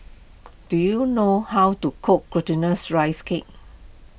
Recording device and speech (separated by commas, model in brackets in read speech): boundary microphone (BM630), read sentence